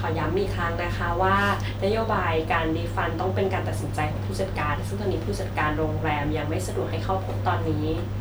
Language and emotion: Thai, neutral